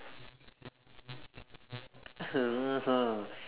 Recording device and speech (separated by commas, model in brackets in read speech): telephone, conversation in separate rooms